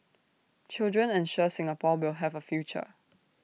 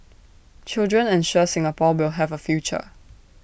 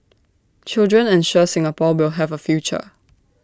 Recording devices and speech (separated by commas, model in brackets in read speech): mobile phone (iPhone 6), boundary microphone (BM630), standing microphone (AKG C214), read sentence